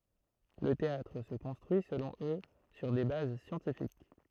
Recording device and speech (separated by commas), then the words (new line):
throat microphone, read sentence
Le théâtre se construit, selon eux, sur des bases scientifiques.